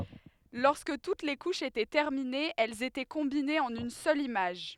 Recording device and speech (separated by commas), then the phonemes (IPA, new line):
headset microphone, read sentence
lɔʁskə tut le kuʃz etɛ tɛʁminez ɛlz etɛ kɔ̃binez ɑ̃n yn sœl imaʒ